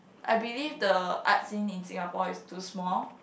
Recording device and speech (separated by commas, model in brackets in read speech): boundary microphone, conversation in the same room